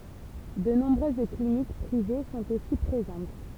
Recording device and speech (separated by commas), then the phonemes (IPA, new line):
temple vibration pickup, read sentence
də nɔ̃bʁøz klinik pʁive sɔ̃t osi pʁezɑ̃t